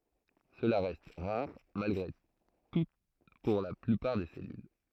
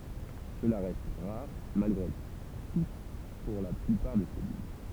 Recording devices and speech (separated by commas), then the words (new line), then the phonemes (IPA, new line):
throat microphone, temple vibration pickup, read sentence
Cela reste rare malgré tout pour la plupart des cellules.
səla ʁɛst ʁaʁ malɡʁe tu puʁ la plypaʁ de sɛlyl